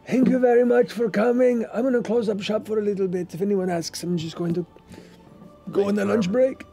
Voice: raspy voice